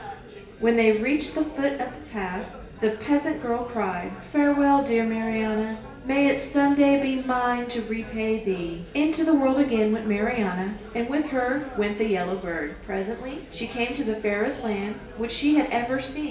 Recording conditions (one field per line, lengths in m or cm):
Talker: one person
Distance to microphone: 1.8 m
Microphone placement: close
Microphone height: 1.0 m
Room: large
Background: babble